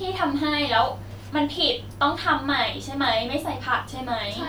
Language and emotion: Thai, frustrated